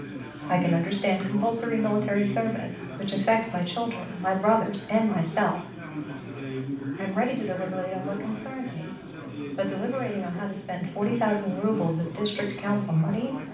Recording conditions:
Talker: one person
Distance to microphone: 5.8 m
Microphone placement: far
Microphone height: 1.8 m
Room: medium-sized (5.7 m by 4.0 m)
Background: babble

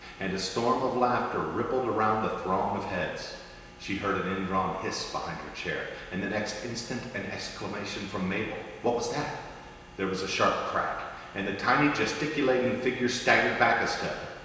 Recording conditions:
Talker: one person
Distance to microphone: 1.7 m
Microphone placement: close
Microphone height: 1.0 m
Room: very reverberant, large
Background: none

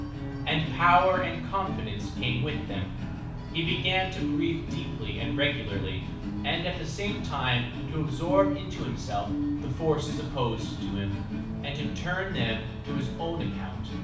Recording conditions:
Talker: one person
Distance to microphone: 5.8 m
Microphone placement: far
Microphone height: 1.8 m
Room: medium-sized (5.7 m by 4.0 m)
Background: music

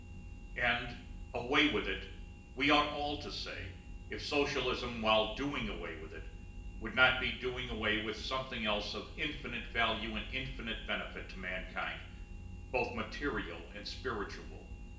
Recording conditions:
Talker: one person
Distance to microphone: 1.8 m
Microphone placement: close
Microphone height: 1.0 m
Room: large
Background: none

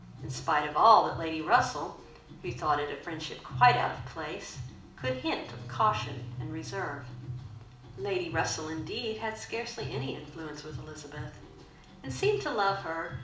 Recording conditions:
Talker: one person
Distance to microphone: 2.0 m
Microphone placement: close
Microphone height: 99 cm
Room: medium-sized (5.7 m by 4.0 m)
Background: music

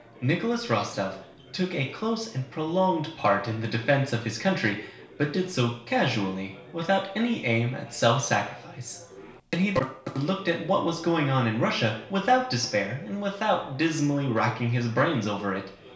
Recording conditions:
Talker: one person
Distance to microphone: 1.0 m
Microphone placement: close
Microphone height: 1.1 m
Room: small (3.7 m by 2.7 m)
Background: babble

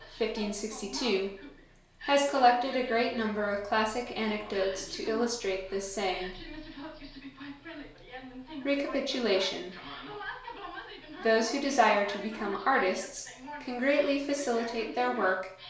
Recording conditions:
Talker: one person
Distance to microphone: 1.0 m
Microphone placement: close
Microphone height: 1.1 m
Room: small (3.7 m by 2.7 m)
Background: television

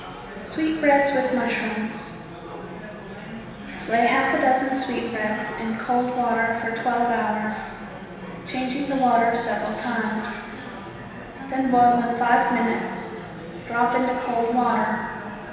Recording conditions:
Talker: one person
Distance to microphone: 1.7 m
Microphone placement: close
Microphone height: 1.0 m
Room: very reverberant, large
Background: babble

